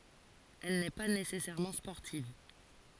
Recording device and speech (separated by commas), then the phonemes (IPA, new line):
forehead accelerometer, read sentence
ɛl nɛ pa nesɛsɛʁmɑ̃ spɔʁtiv